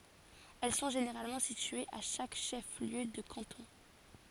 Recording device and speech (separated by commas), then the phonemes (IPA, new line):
forehead accelerometer, read sentence
ɛl sɔ̃ ʒeneʁalmɑ̃ sityez a ʃak ʃɛf ljø də kɑ̃tɔ̃